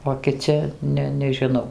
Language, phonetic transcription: Lithuanian, o kiˈci ˈne nežiˈnau

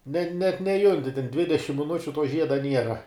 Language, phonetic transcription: Lithuanian, ne net neˈjunti ten ˈdvidešim miˈnučiu tuo ˈžieda ˈniera

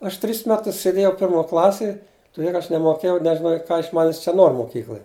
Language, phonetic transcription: Lithuanian, ˈaš tris ˈmetus sėˈdėjau ˈpirmo ˈklasėj tuˈdė ka ˈaš nemoˈkėjau nežiˈnojau ˈka iš ˈmanis čia ˈnor moˈkykloj

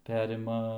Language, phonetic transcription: Lithuanian, ˈperima

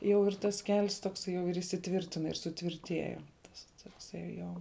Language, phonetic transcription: Lithuanian, ˈjau ir tas kel's tokˈsai jau ir įsiˈtvirtina ir suˈtvirtieja tas tokˈsai ˈjo

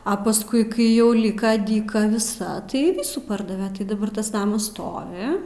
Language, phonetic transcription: Lithuanian, a pasˈkui ˈkai jau ˈlyka dyˈka viˈsa tai ˈvysų ˈpardave tai daˈbar tas ˈnamas ˈstovi

